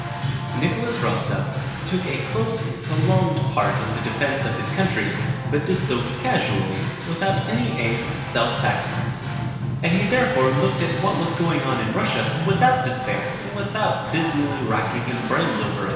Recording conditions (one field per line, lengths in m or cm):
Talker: one person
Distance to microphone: 1.7 m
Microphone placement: close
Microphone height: 1.0 m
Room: very reverberant, large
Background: music